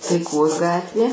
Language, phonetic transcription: Lithuanian, taiˈkos ˈgatvė

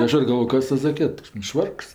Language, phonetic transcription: Lithuanian, ˈaš ir galˈvojo ˈkas ˈtas zaˈkiet nu ˈšvarks

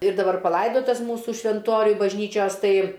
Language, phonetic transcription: Lithuanian, ir daˈbar paˈlaidotas ˈmūsu švenˈtoriuj bažˈnyčios ˈtai

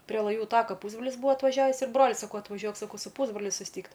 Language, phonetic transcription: Lithuanian, prie laˈjų ˈtaka ˈpūsbrolis ˈbuvo atvaˈžiavys ir ˈbroliui saˈkau atvaˈžiuok saˈkau su ˈpūsbroliu susˈtykt

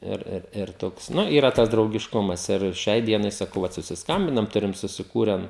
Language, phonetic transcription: Lithuanian, ˈir ˈir ir ˈtoks ˈnu yˈra ˈtas draugišˈkumas ir ˈšiai ˈdienai saˈkau ˈvat susisˈkambinam ˈturim susiˈkūren

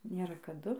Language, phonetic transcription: Lithuanian, ˈnėra kaˈdu

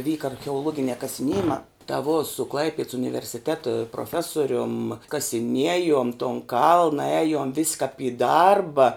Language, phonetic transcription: Lithuanian, ˈvyka archeoˈluoginiā kasiˈniejimā ta vo su ˈklaipieds universiˈteta proˈfesorium kasiˈniejom ton ˈkalna ˈejum vis' kap i ˈdarba

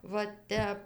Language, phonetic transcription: Lithuanian, va ˈtep

